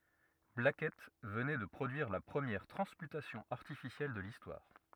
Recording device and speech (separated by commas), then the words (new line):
rigid in-ear microphone, read sentence
Blackett venait de produire la première transmutation artificielle de l'histoire.